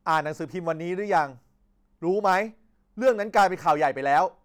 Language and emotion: Thai, angry